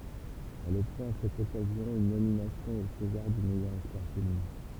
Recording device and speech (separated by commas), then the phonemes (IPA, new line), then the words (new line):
temple vibration pickup, read sentence
ɛl ɔbtjɛ̃t a sɛt ɔkazjɔ̃ yn nominasjɔ̃ o sezaʁ dy mɛjœʁ ɛspwaʁ feminɛ̃
Elle obtient à cette occasion une nomination au César du meilleur espoir féminin.